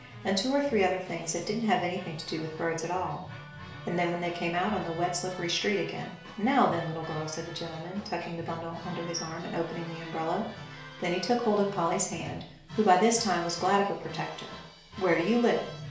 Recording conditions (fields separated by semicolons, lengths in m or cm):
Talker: one person; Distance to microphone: 1.0 m; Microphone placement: close; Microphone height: 1.1 m; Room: small (3.7 m by 2.7 m); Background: music